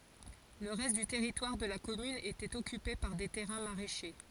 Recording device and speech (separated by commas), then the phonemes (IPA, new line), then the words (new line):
forehead accelerometer, read sentence
lə ʁɛst dy tɛʁitwaʁ də la kɔmyn etɛt ɔkype paʁ de tɛʁɛ̃ maʁɛʃe
Le reste du territoire de la commune était occupé par des terrains maraîchers.